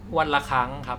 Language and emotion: Thai, neutral